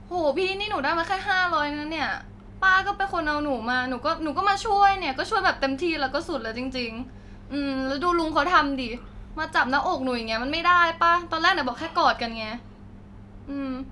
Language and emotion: Thai, sad